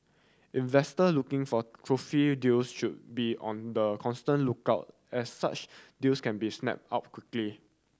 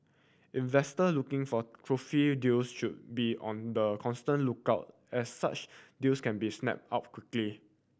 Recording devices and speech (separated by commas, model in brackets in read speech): standing microphone (AKG C214), boundary microphone (BM630), read sentence